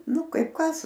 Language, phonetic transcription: Lithuanian, ˈnu ˈkaip ˈkas

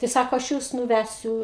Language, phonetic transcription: Lithuanian, tai ˈsako aš ˈjūs nuˈvæsiu

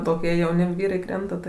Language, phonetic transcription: Lithuanian, toˈkie jauˈni ˈvyrai ˈkrenta tai

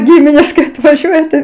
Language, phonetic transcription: Lithuanian, ˈgiminės kai atvaˈžiuoja tai

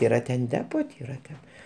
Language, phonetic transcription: Lithuanian, ˈyra ten ˈdepo ti ˈyra ten

